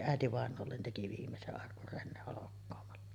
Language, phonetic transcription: Finnish, "ä̀etivàenoollen̳§ teki viimmese’ ’arkur 'Renne holokkoomalla .
- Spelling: äitivainajalle teki viimeisen arkun Renne holkkaamalla

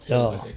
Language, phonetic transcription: Finnish, 'jaa .
- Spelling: jaa

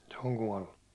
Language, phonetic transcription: Finnish, se oŋ 'kuållu .
- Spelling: se on kuollut

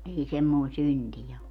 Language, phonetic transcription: Finnish, 'ei "semmoi̮n̬ "syntijä o .
- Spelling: ei semmoinen syntiä ole

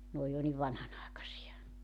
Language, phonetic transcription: Finnish, 'n ‿ooj jo niv 'vanhanàekasi₍a .
- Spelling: ne on jo niin vanhanaikaisia

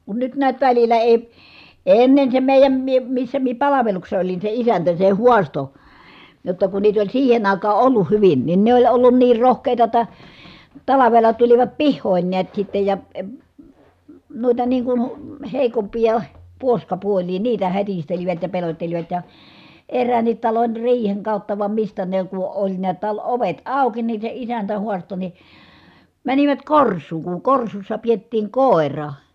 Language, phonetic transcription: Finnish, kun nyt niät välil̆lä èi , èi̮ ennen se mèi̮jäm mie , missä mie palaveluksessᵃ olin se isäntä se huasto , jotta kun niit ‿oĺ siihen ‿àikaa ʼolluh hyvin , nin ne oĺ ollun niir rohkèita ‿t̆ta , talavela tulivat pihhòin niät sittej ja , eə , nuita niiŋ kun , hèikompija , puoskapuoĺii niitä hätistelivät ja pelot́telivat ja , erräännit talon riiheŋ kàutta vam mistä ne ku oĺ niät tal- ovet àuki nin̬ se isäntä huasto ni , » mänivät kors̀uuŋ kuŋ korsussa piettiiŋ kòera .
- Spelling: kun nyt näet välillä ei ei ennen se meidän minä missä minä palveluksessa olin se isäntä se haastoi jotta kun niitä oli siihen aikaan ollut hyvin niin ne oli ollut niin rohkeita jotta talvella tulivat pihoihin näet sitten ja - noita niin kuin heikompia puoskapuolia niitä hätistelivät ja pelottelivat ja eräänkin talon riihen kautta vai mistä ne kun oli näet - ovet auki niin se isäntä haastoi niin menivät korsuun kun korsussa pidettiin koira

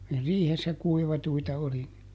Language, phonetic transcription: Finnish, (ne) "riihessä ˈkuivatuita ˈoli ni .
- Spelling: ne riihessä kuivattuja oli niin

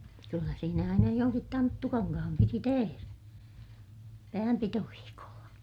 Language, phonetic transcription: Finnish, kyllä siinä aina joŋkit tanttukaŋkaham piti teherä , päämpitoviikolla .
- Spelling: kyllä siinä aina jonkin tanttukankaan piti tehdä päänpitoviikolla

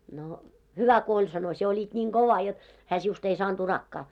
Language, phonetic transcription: Finnish, » no "hyvä ko oĺ « sano , » 'sie olit ńiiŋ "kova jot , hää 'siust ‿ei 'saanᴅ 'urakkaa « .
- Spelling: no hyvä kun oli sanoi sinä olit niin kova jotta hän sinusta ei saanut urakkaa

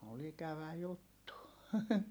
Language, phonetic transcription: Finnish, ol ‿ikävä juttu .
- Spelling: oli ikävä juttu

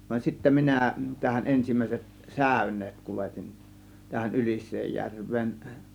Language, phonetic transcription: Finnish, van sittä "minä , tähän "ˀensim̀ä̀iset , "sä̀ö̇ǹeet 'kuletin , tähän 'Ylis̆seejjärv̆veen .
- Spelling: vaan sitten minä tähän ensimmäiset säyneet kuljetin tähän Ylisenjärveen

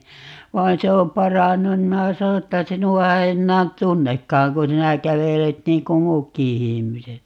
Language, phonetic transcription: Finnish, 'vain se om "parannun nim minä 'sano että » 'sinu₍a ei 'ennään "tunnekkaaŋ ku 'sinä 'kävelet 'niiŋ ku "muukki 'ihimiset » .
- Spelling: vaan se on parantunut niin minä sanoin että sinua ei enää tunnekaan kun sinä kävelet niin kuin muutkin ihmiset

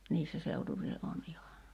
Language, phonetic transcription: Finnish, 'niissä seutuvile ’on iha .
- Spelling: niissä seutuvilla on ihan

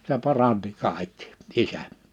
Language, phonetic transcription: Finnish, se 'paranti 'kàikkɪ , "isä .
- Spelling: se paransi kaikki isä

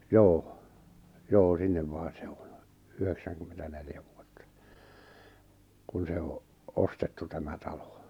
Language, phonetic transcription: Finnish, joo , 'joo 'sinnem 'main̬ se 'oɴ , 'yheksäŋkymmentä'neljä vuotta , kun se o’ , 'ostettu tämä 'talo .
- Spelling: joo joo sinne main se on yhdeksänkymmentäneljä vuotta kun se on ostettu tämä talo

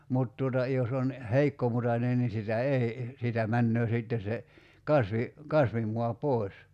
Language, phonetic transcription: Finnish, 'mut tuota , 'jos ‿on , 'heikkomutanen ni 'sitä "ei , siitä 'männöö 'sìtte se , 'kasvi- , 'kasvimua "pòi̬s .
- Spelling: mutta tuota jos on heikkomutainen niin sitä ei siitä menee sitten se - kasvimaa pois

